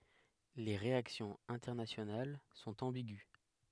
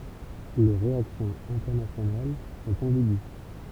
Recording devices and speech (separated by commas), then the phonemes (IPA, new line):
headset microphone, temple vibration pickup, read sentence
le ʁeaksjɔ̃z ɛ̃tɛʁnasjonal sɔ̃t ɑ̃biɡy